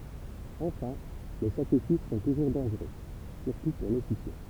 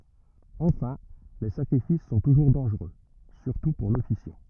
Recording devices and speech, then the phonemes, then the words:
temple vibration pickup, rigid in-ear microphone, read sentence
ɑ̃fɛ̃ le sakʁifis sɔ̃ tuʒuʁ dɑ̃ʒʁø syʁtu puʁ lɔfisjɑ̃
Enfin, les sacrifices sont toujours dangereux, surtout pour l'officiant.

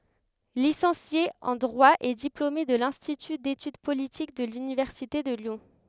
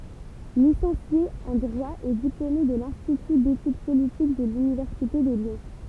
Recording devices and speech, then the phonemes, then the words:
headset microphone, temple vibration pickup, read sentence
lisɑ̃sje ɑ̃ dʁwa e diplome də lɛ̃stity detyd politik də lynivɛʁsite də ljɔ̃
Licencié en Droit et diplômé de l'Institut d'Études Politiques de l'Université de Lyon.

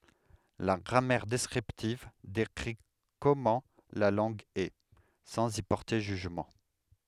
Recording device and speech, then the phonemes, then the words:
headset microphone, read sentence
la ɡʁamɛʁ dɛskʁiptiv dekʁi kɔmɑ̃ la lɑ̃ɡ ɛ sɑ̃z i pɔʁte ʒyʒmɑ̃
La grammaire descriptive décrit comment la langue est, sans y porter jugement.

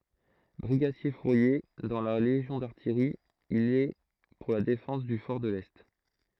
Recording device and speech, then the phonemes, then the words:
throat microphone, read sentence
bʁiɡadjɛʁfuʁje dɑ̃ la leʒjɔ̃ daʁtijʁi il ɛ puʁ la defɑ̃s dy fɔʁ də lɛ
Brigadier-fourrier dans la légion d’artillerie, il est pour la défense du fort de l'Est.

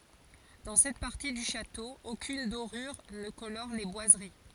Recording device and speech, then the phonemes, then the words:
forehead accelerometer, read sentence
dɑ̃ sɛt paʁti dy ʃato okyn doʁyʁ nə kolɔʁ le bwazəʁi
Dans cette partie du château, aucune dorure ne colore les boiseries.

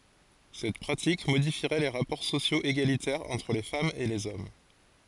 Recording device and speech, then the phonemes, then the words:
forehead accelerometer, read sentence
sɛt pʁatik modifiʁɛ le ʁapɔʁ sosjoz eɡalitɛʁz ɑ̃tʁ le famz e lez ɔm
Cette pratique modifierait les rapports sociaux égalitaires entre les femmes et les hommes.

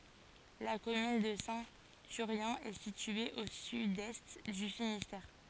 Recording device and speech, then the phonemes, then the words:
forehead accelerometer, read sentence
la kɔmyn də sɛ̃ tyʁjɛ̃ ɛ sitye o sydɛst dy finistɛʁ
La commune de Saint-Thurien est située au sud-est du Finistère.

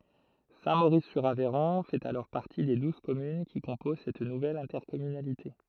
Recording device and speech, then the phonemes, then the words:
throat microphone, read sentence
sɛ̃tmoʁiszyʁavɛʁɔ̃ fɛt alɔʁ paʁti de duz kɔmyn ki kɔ̃poz sɛt nuvɛl ɛ̃tɛʁkɔmynalite
Saint-Maurice-sur-Aveyron fait alors partie des douze communes qui composent cette nouvelle intercommunalité.

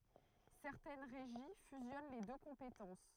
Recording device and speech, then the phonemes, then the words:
throat microphone, read sentence
sɛʁtɛn ʁeʒi fyzjɔn le dø kɔ̃petɑ̃s
Certaines régies fusionnent les deux compétences.

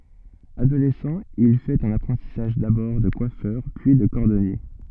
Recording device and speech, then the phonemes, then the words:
soft in-ear microphone, read sentence
adolɛsɑ̃ il fɛt œ̃n apʁɑ̃tisaʒ dabɔʁ də kwafœʁ pyi də kɔʁdɔnje
Adolescent, il fait un apprentissage d'abord de coiffeur, puis de cordonnier.

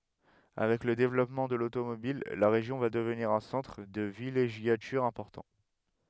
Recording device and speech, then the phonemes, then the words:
headset microphone, read sentence
avɛk lə devlɔpmɑ̃ də lotomobil la ʁeʒjɔ̃ va dəvniʁ œ̃ sɑ̃tʁ də vileʒjatyʁ ɛ̃pɔʁtɑ̃
Avec le développement de l'automobile, la région va devenir un centre de villégiature important.

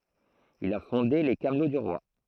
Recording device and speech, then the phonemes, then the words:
throat microphone, read sentence
il a fɔ̃de le kamlo dy ʁwa
Il a fondé les Camelots du roi.

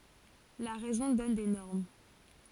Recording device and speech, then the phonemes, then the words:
forehead accelerometer, read sentence
la ʁɛzɔ̃ dɔn de nɔʁm
La raison donne des normes.

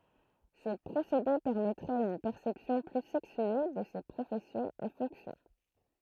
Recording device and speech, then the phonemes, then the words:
throat microphone, read sentence
sə pʁosede pɛʁmɛtʁɛt yn pɛʁsɛpsjɔ̃ ply sɛksye də se pʁofɛsjɔ̃z e fɔ̃ksjɔ̃
Ce procédé permettrait une perception plus sexuée de ces professions et fonctions.

